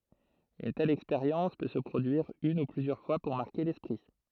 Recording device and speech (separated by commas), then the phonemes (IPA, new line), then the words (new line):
throat microphone, read sentence
yn tɛl ɛkspeʁjɑ̃s pø sə pʁodyiʁ yn u plyzjœʁ fwa puʁ maʁke lɛspʁi
Une telle expérience peut se produire une ou plusieurs fois pour marquer l'esprit.